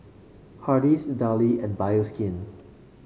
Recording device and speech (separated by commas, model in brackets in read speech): mobile phone (Samsung C5), read sentence